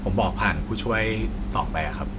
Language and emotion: Thai, neutral